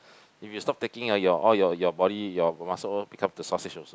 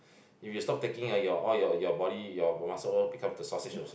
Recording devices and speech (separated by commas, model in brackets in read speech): close-talking microphone, boundary microphone, conversation in the same room